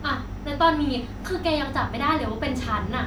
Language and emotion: Thai, frustrated